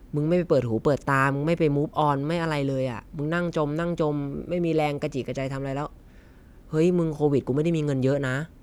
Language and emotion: Thai, frustrated